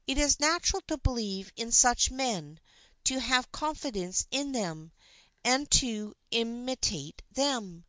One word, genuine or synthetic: genuine